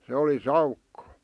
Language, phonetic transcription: Finnish, 'se oli "saukko .
- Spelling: se oli saukko

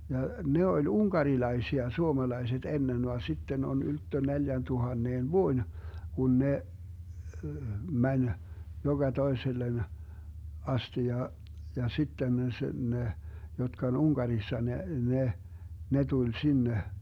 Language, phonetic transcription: Finnish, ja , 'ne oĺ "uŋkarilaisia 'suomalaiset 'ennen van 'sitten on 'ylttö 'neljäntuhanneen "vuoⁱn , 'kun 'ne , 'mäń , joGa 'toesellen , 'asti ja , ja 'sitten sᵉ 'ne , 'jotka on "Uŋkarissa 'ne , 'ne , 'ne 'tuĺ 'sinne .
- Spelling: ja ne oli unkarilaisia suomalaiset ennen vaan sitten on ylttö neljäntuhannen vuoden kun ne meni joka toiselle asti ja ja sitten se ne jotka on Unkarissa ne ne ne tuli sinne

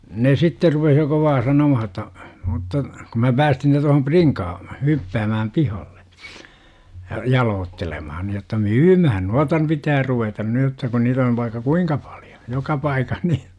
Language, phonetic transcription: Finnish, 'ne "sitter rupeh jo 'kovaa 'sanomaha °tta , mutta , kum mä 'päästin ne tohom "priŋkaa , 'hyppäämääm "pihalle , ja 'jaloottelemahan§ jotta "myymähän » nuata ‿n - pitää 'ruvetan 'ny jotta ku niitä on§ vaikka "kuiŋka pALJO , 'joka 'paikah ni « .
- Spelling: ne sitten rupesi jo kovaa sanomaan jotta mutta kun minä päästin ne tuohon prinkaan hyppäämään pihalle ja jaloittelemaan jotta myymään noita - pitää ruveta nyt jotta kun niitä on vaikka kuinka paljon joka paikassa niin

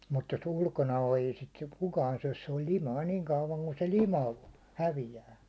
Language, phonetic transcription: Finnish, mut jo's ‿ulkona o ei sit 'kukaan syäₒs se oĺ "limai niiŋ kauvaŋ ku se 'lima , 'hävijää .
- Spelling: mutta jos ulkona on ei sitä kukaan syö se on limainen niin kauan kuin se lima häviää

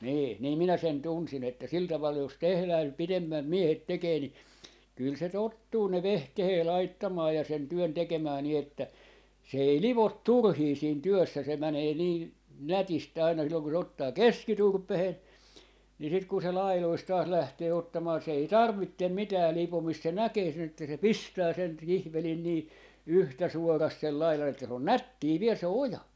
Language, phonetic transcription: Finnish, 'nii , 'niim 'minä 'sen "tunsin ‿että 'sil 'taval jos "tehlää nyp "pidemmäm "miehet "tekee ni , 'kỳl se 'tottuu ne "vehkehee 'laittamaa ja sen 'työn 'tekemää ni ‿että , se 'ei "livot "turhii siin 'työssä se 'mänee niin , "nätis't ‿àina silloŋ ku se 'ottaa "keskiturpehen , nii sit kun se "lailoist 'taas 'lähtee 'ottamaan se ei "tarvittem 'mitää "lipomist se 'näkee sen ‿että se "pistää 'sen , 'kihvelin nii , 'yhtä "suorast sel 'lailan ‿että se on "nättii 'viel se "oja .
- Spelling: niin niin minä sen tunsin että sillä tavalla jos tehdään nyt pidemmät miehet tekee niin kyllä se tottuu ne vehkeet laittamaan ja sen työn tekemään niin että se ei livo turhia siinä työssä se menee niin nätisti aina silloin kun se ottaa keskiturpeen niin sitten kun se laidoista taas lähtee ottamaan se ei tarvitse mitään lipomista se näkee sen että se pistää sen kihvelin niin yhtä suorasti sen laidan että se on nättiä vielä se oja

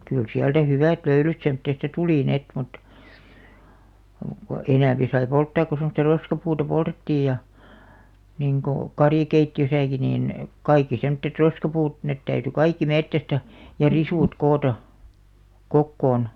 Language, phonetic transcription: Finnish, kyl 'siältä "hyvä̀t "löylyt semttèsta "tulì ni₍'et mut , ko , 'enä̀mpi sai 'polttaak ko semᵒsta "roskapuuta 'poltettiij ja , niŋko , 'karjᵃkeitti₍ösäki niin , 'kaikki semᵒttet "roskapuut , net täyty "kaikki 'mettästä , ja "risùt 'koota , "kokkoon .
- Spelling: kyllä sieltä hyvät löylyt semmoisesta tuli niin että muuta kuin enempi sai polttaa kun semmoista roskapuuta poltettiin ja niin kuin karjakeittiössäkin niin kaikki semmoiset roskapuut ne täytyi kaikki metsästä ja risut koota kokoon

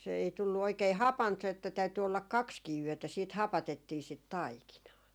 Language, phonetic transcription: Finnish, se ei 'tullu oikei "hapant se että täyty ollak "kakskii yötä siit "hapatettii sit "taikinaa .
- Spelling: se ei tullut oikein hapanta se että täytyi olla kaksikin yötä sitten hapatettiin sitä taikinaa

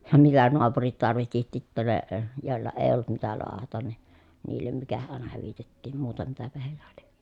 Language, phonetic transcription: Finnish, ja mitä noapurit tarvihti tittä ne , jòi̮lla ee ollut mitä loahatan ni , niillem mikähä ʼàena hyvitettiim muuta mitäpähäh (hèillä lie) .
- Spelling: ja mitä naapurit tarvitsi sitten ne joilla ei ollut mitä lahdata niin niille mikähän aina hyvitettiin muuta mitäpähän heillä lie

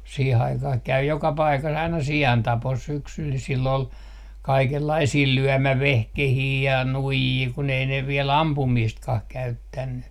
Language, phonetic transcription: Finnish, 'siih ‿aikah käy 'joka 'paika's ‿aina "si₍antapos syksyl sill ‿ol , 'kaikellaisii "lyömävehkehii ja "nuijii kun ‿ei ne 'viel "ampumiistkah 'käyttänny .
- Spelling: siihen aikaan kävi joka paikassa aina siantapossa syksyllä sillä oli kaikenlaisia lyömävehkeitä ja nuijia kun ei ne vielä ampumistakaan käyttänyt

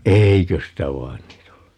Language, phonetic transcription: Finnish, "eiköstä 'vain nii't ‿ollu .
- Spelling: eiköstä vain niitä ollut

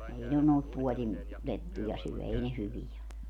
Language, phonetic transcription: Finnish, 'ei ne noit 'puolin , 'lettuja 'syɔ̈̀ 'ei ne 'hyvijä o .
- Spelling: ei ne noita puodin lettuja syö ei ne hyviä ole

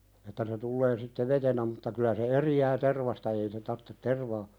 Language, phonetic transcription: Finnish, että se 'tullee sitte "vetenä mutta kylä se "eri₍ää 'tervasta ei se tarttet "tervaa ,.
- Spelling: että se tulee sitten vetenä mutta kyllä se eroaa tervasta ei se tarvitse tervaa

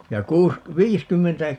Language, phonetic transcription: Finnish, ja 'kuusk- , "viiskymmentä ,.
- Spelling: ja - viisikymmentä

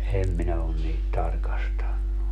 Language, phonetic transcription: Finnish, 'em minä on 'niit 'tarkastannu .
- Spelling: en minä ole niitä tarkastanut

